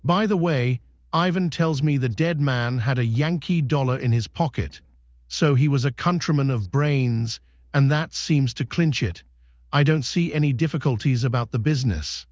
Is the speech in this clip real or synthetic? synthetic